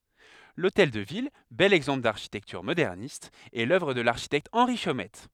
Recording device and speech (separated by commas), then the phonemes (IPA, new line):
headset microphone, read sentence
lotɛl də vil bɛl ɛɡzɑ̃pl daʁʃitɛktyʁ modɛʁnist ɛ lœvʁ də laʁʃitɛkt ɑ̃ʁi ʃomɛt